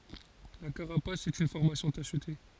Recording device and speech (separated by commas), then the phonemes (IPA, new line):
forehead accelerometer, read sentence
la kaʁapas ɛt yn fɔʁmasjɔ̃ taʃte